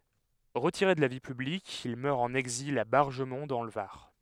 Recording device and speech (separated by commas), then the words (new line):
headset microphone, read sentence
Retiré de la vie publique, il meurt en exil à Bargemon dans le Var.